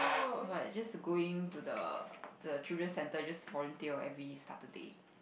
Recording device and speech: boundary microphone, conversation in the same room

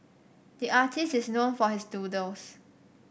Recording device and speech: boundary microphone (BM630), read sentence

